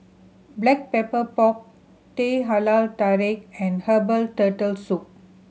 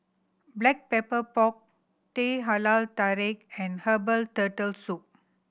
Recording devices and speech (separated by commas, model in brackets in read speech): mobile phone (Samsung C7100), boundary microphone (BM630), read sentence